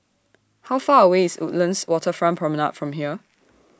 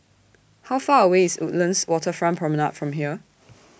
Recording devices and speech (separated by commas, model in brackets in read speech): standing microphone (AKG C214), boundary microphone (BM630), read sentence